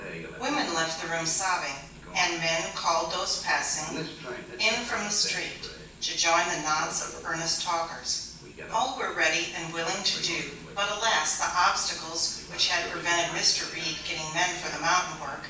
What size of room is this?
A large room.